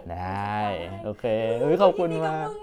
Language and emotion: Thai, happy